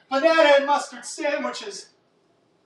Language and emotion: English, fearful